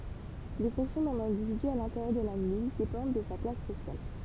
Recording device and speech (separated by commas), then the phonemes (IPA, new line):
temple vibration pickup, read sentence
le fɔ̃ksjɔ̃ dœ̃n ɛ̃dividy a lɛ̃teʁjœʁ də la milis depɑ̃d də sa klas sosjal